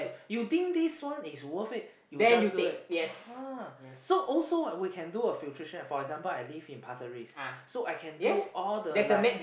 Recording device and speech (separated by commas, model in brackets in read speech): boundary microphone, conversation in the same room